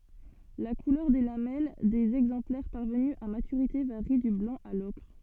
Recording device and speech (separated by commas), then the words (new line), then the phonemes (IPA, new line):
soft in-ear microphone, read sentence
La couleur des lamelles des exemplaires parvenus à maturité varie du blanc à l'ocre.
la kulœʁ de lamɛl dez ɛɡzɑ̃plɛʁ paʁvəny a matyʁite vaʁi dy blɑ̃ a lɔkʁ